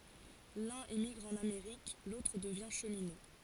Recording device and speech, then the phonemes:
forehead accelerometer, read sentence
lœ̃n emiɡʁ ɑ̃n ameʁik lotʁ dəvjɛ̃ ʃəmino

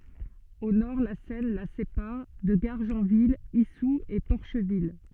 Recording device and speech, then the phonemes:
soft in-ear microphone, read sentence
o nɔʁ la sɛn la sepaʁ də ɡaʁʒɑ̃vil isu e pɔʁʃvil

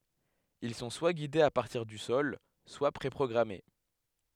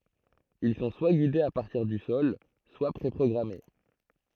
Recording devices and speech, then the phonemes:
headset microphone, throat microphone, read sentence
il sɔ̃ swa ɡidez a paʁtiʁ dy sɔl swa pʁe pʁɔɡʁame

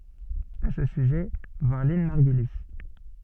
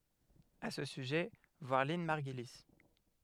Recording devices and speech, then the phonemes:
soft in-ear microphone, headset microphone, read sentence
a sə syʒɛ vwaʁ lɛ̃n maʁɡyli

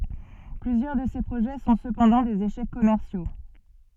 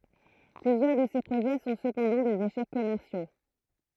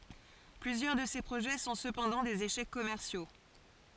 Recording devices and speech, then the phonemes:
soft in-ear microphone, throat microphone, forehead accelerometer, read sentence
plyzjœʁ də se pʁoʒɛ sɔ̃ səpɑ̃dɑ̃ dez eʃɛk kɔmɛʁsjo

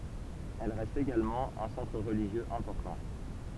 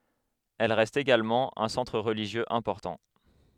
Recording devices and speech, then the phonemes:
temple vibration pickup, headset microphone, read sentence
ɛl ʁɛst eɡalmɑ̃ œ̃ sɑ̃tʁ ʁəliʒjøz ɛ̃pɔʁtɑ̃

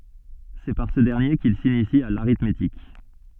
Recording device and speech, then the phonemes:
soft in-ear microphone, read sentence
sɛ paʁ sə dɛʁnje kil sinisi a l aʁitmetik

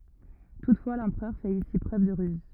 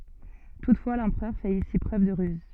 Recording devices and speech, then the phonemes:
rigid in-ear microphone, soft in-ear microphone, read sentence
tutfwa lɑ̃pʁœʁ fɛt isi pʁøv də ʁyz

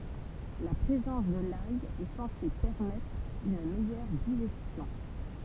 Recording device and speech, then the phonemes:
temple vibration pickup, read sentence
la pʁezɑ̃s də laj ɛ sɑ̃se pɛʁmɛtʁ yn mɛjœʁ diʒɛstjɔ̃

